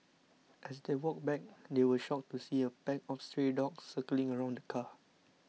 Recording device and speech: mobile phone (iPhone 6), read sentence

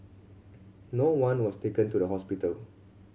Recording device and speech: mobile phone (Samsung C7100), read sentence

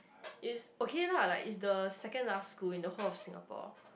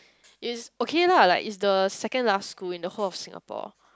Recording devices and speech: boundary microphone, close-talking microphone, conversation in the same room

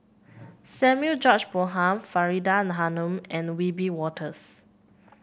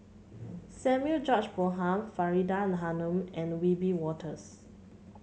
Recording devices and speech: boundary microphone (BM630), mobile phone (Samsung C7), read sentence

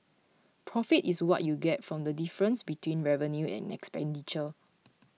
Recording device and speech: mobile phone (iPhone 6), read sentence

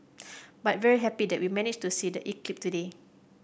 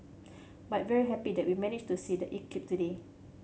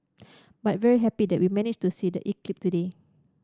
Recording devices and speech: boundary microphone (BM630), mobile phone (Samsung C7100), standing microphone (AKG C214), read sentence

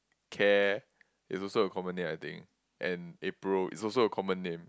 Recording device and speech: close-talking microphone, conversation in the same room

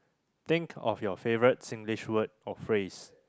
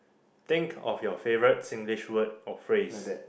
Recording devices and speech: close-talking microphone, boundary microphone, conversation in the same room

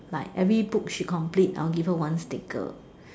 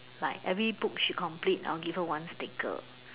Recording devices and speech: standing microphone, telephone, conversation in separate rooms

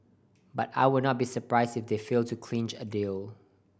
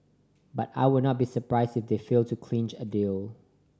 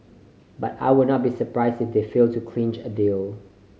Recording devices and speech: boundary microphone (BM630), standing microphone (AKG C214), mobile phone (Samsung C5010), read sentence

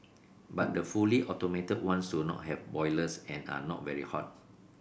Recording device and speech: boundary microphone (BM630), read sentence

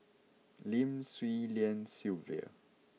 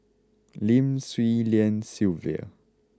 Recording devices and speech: mobile phone (iPhone 6), close-talking microphone (WH20), read sentence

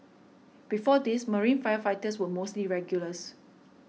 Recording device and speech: mobile phone (iPhone 6), read sentence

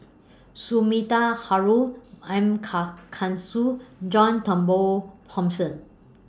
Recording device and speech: standing microphone (AKG C214), read sentence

